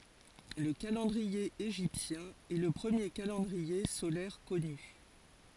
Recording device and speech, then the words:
forehead accelerometer, read sentence
Le calendrier égyptien est le premier calendrier solaire connu.

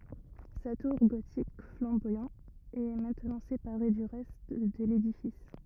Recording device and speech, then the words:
rigid in-ear microphone, read sentence
Sa tour gothique flamboyant est maintenant séparée du reste de l'édifice.

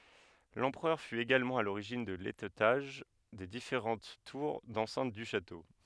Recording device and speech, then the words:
headset microphone, read sentence
L'empereur fut également à l'origine de l'étêtage des différentes tours d'enceinte du château.

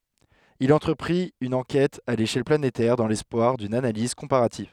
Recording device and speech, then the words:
headset microphone, read sentence
Il entreprit une enquête à l'échelle planétaire dans l'espoir d'une analyse comparative.

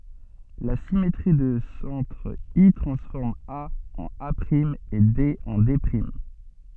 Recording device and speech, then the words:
soft in-ear microphone, read sentence
La symétrie de centre I transforme A en A’ et D en D’.

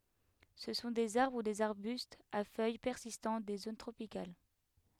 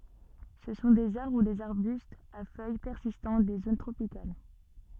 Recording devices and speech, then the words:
headset microphone, soft in-ear microphone, read sentence
Ce sont des arbres ou des arbustes à feuilles persistantes des zones tropicales.

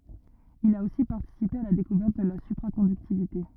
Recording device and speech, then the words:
rigid in-ear microphone, read sentence
Il a aussi participé à la découverte de la supraconductivité.

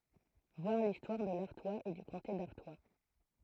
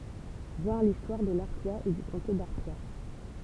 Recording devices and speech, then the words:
throat microphone, temple vibration pickup, read sentence
Voir l'histoire de l'Artois et du comté d'Artois.

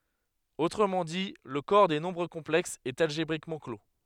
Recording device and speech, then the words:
headset microphone, read sentence
Autrement dit, le corps des nombres complexes est algébriquement clos.

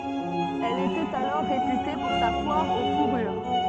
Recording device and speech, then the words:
soft in-ear microphone, read sentence
Elle était alors réputée pour sa foire aux fourrures.

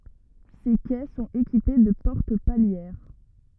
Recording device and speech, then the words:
rigid in-ear microphone, read sentence
Ces quais sont équipés de portes palières.

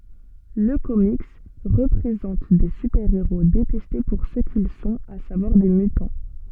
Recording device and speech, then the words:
soft in-ear microphone, read sentence
Le comics présente des super-héros détestés pour ce qu'ils sont, à savoir des mutants.

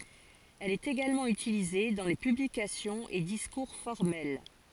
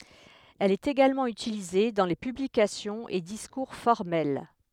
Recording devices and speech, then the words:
forehead accelerometer, headset microphone, read sentence
Elle est également utilisée dans les publications et discours formels.

